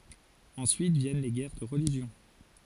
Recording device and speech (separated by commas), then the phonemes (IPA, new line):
forehead accelerometer, read sentence
ɑ̃syit vjɛn le ɡɛʁ də ʁəliʒjɔ̃